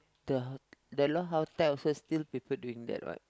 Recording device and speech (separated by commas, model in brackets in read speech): close-talking microphone, conversation in the same room